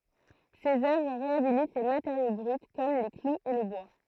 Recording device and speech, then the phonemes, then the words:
throat microphone, read sentence
sez œvʁ ʁeabilit le mateʁjo bʁyt kɔm le kluz e lə bwa
Ses œuvres réhabilitent les matériaux bruts comme les clous et le bois.

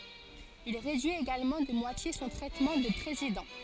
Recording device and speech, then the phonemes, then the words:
forehead accelerometer, read sentence
il ʁedyi eɡalmɑ̃ də mwatje sɔ̃ tʁɛtmɑ̃ də pʁezidɑ̃
Il réduit également de moitié son traitement de président.

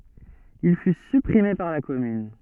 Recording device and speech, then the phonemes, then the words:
soft in-ear microphone, read sentence
il fy sypʁime paʁ la kɔmyn
Il fut supprimé par la commune.

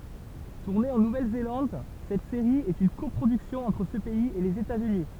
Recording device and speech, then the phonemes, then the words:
temple vibration pickup, read sentence
tuʁne ɑ̃ nuvɛlzelɑ̃d sɛt seʁi ɛt yn kɔpʁodyksjɔ̃ ɑ̃tʁ sə pɛiz e lez etatsyni
Tournée en Nouvelle-Zélande, cette série est une coproduction entre ce pays et les États-Unis.

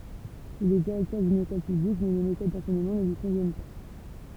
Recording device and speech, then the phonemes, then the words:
temple vibration pickup, read sentence
il ɛ diʁɛktœʁ dyn ekɔl pyblik mɛ le metod dɑ̃sɛɲəmɑ̃ nə lyi kɔ̃vjɛn pa
Il est directeur d'une école publique mais les méthodes d'enseignement ne lui conviennent pas.

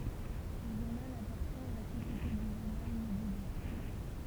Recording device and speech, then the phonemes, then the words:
temple vibration pickup, read sentence
lə ʒuʁnal apaʁtjɛ̃ a la sosjete dy ʒuʁnal midi libʁ
Le journal appartient à la Société du Journal Midi Libre.

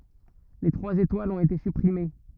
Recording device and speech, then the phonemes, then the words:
rigid in-ear microphone, read sentence
le tʁwaz etwalz ɔ̃t ete sypʁime
Les trois étoiles ont été supprimées.

